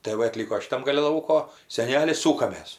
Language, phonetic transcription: Lithuanian, tɜ ˈva aˈtlyko šiˈtam gaˈli ˈlauko seˈneli ˈsūkamės

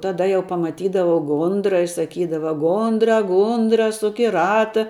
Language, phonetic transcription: Lithuanian, taˈda jau pamaˈtydavau ˈgundra i saˈkydava ˈgundra ˈgundra ˈsuk i ˈrata

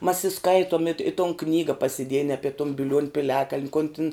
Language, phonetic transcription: Lithuanian, mas i ˈskaituom it i ton ˈknyga pasiˈdiejen ˈape tun biˈliuon' piˈliakaln' kon tin

